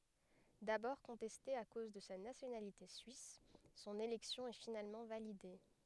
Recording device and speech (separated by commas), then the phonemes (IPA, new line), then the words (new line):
headset microphone, read sentence
dabɔʁ kɔ̃tɛste a koz də sa nasjonalite syis sɔ̃n elɛksjɔ̃ ɛ finalmɑ̃ valide
D'abord contestée à cause de sa nationalité suisse, son élection est finalement validée.